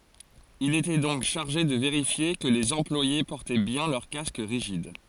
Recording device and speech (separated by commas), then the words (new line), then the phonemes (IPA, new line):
forehead accelerometer, read sentence
Il était donc chargé de vérifier que les employés portaient bien leur casque rigide.
il etɛ dɔ̃k ʃaʁʒe də veʁifje kə lez ɑ̃plwaje pɔʁtɛ bjɛ̃ lœʁ kask ʁiʒid